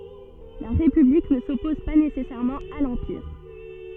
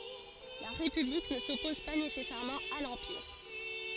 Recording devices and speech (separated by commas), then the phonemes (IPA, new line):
soft in-ear microphone, forehead accelerometer, read sentence
la ʁepyblik nə sɔpɔz pa nesɛsɛʁmɑ̃ a lɑ̃piʁ